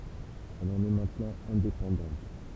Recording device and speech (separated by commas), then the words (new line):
temple vibration pickup, read sentence
Elle en est maintenant indépendante.